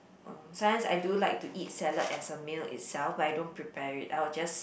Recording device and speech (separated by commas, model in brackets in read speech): boundary microphone, conversation in the same room